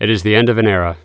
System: none